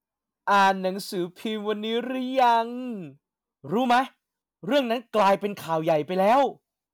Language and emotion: Thai, happy